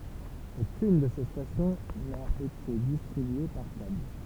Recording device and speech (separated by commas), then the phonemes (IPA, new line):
temple vibration pickup, read sentence
okyn də se stasjɔ̃ na ete distʁibye paʁ kabl